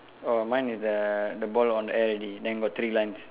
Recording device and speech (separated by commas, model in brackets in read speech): telephone, conversation in separate rooms